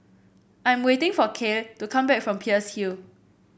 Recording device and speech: boundary microphone (BM630), read sentence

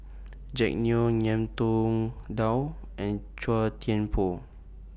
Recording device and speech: boundary microphone (BM630), read sentence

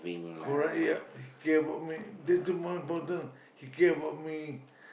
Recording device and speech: boundary microphone, conversation in the same room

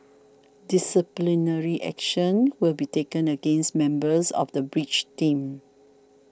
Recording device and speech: standing microphone (AKG C214), read sentence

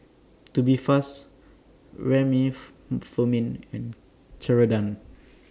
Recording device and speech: standing microphone (AKG C214), read sentence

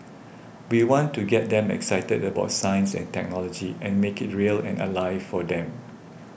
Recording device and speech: boundary microphone (BM630), read sentence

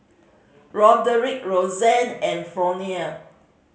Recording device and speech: mobile phone (Samsung C5010), read sentence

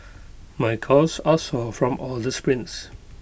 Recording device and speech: boundary microphone (BM630), read sentence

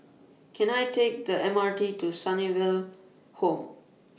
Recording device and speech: mobile phone (iPhone 6), read sentence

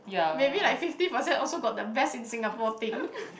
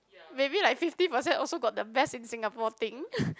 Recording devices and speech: boundary microphone, close-talking microphone, conversation in the same room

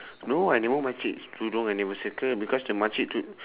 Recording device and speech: telephone, conversation in separate rooms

